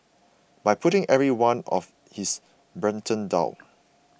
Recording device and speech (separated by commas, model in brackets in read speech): boundary microphone (BM630), read sentence